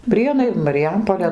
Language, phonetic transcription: Lithuanian, ˈprienai mariˈjampolė

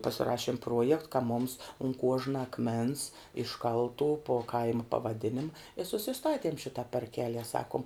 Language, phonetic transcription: Lithuanian, pasiˈrašiem ˈpruojekt ka mums un ˈkuožna akˈmens išˈkaltų po ˈkaima pavaˈdinima i susiˈstatiem šita parˈkelie ˈsakum

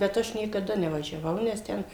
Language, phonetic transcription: Lithuanian, bet ˈaš niekaˈda nevažiaˈvau nes ˈten

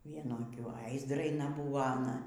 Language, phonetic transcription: Lithuanian, ˈvienu aˈkiu ai zdraiˈna ˈbūvo aˈna

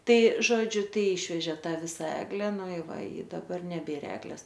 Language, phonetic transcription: Lithuanian, ˈtai ˈžodžiu ˈtai ˈišvežė ˈtą ˈvisa ˈegle ˈnu i ˈva i daˈbar neˈbėr ˈegles

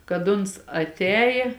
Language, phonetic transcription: Lithuanian, kad ˈuns atˈējė

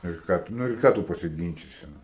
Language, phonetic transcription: Lithuanian, ir ˈką tu nu ir ˈką tu pasiˈgynčisi ˈnu

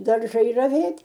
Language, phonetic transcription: Lithuanian, darˈžai raˈvėt'

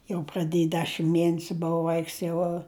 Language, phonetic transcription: Lithuanian, jau praˈdėj ˈdešim ˈmienesiu ˈbova ˈvaiks ˈjau

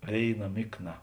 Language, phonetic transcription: Lithuanian, ˈvėiˌna ˈmikˌna

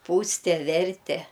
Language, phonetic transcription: Lithuanian, ˈpūste ˈverte

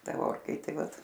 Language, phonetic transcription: Lithuanian, ˈta ˈorkaitė ˈvat

